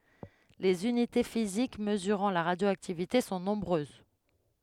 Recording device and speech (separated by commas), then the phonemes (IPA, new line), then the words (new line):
headset microphone, read sentence
lez ynite fizik məzyʁɑ̃ la ʁadjoaktivite sɔ̃ nɔ̃bʁøz
Les unités physiques mesurant la radioactivité sont nombreuses.